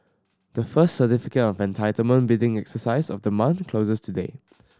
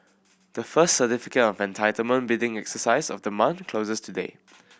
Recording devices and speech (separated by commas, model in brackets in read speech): standing microphone (AKG C214), boundary microphone (BM630), read sentence